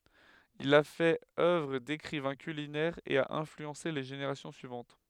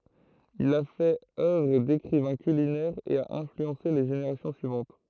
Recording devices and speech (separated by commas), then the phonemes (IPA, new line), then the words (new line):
headset microphone, throat microphone, read sentence
il a fɛt œvʁ dekʁivɛ̃ kylinɛʁ e a ɛ̃flyɑ̃se le ʒeneʁasjɔ̃ syivɑ̃t
Il a fait œuvre d'écrivain culinaire et a influencé les générations suivantes.